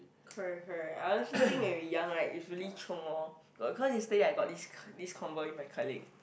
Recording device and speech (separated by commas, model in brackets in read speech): boundary microphone, conversation in the same room